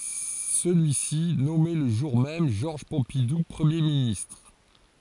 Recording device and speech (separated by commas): forehead accelerometer, read sentence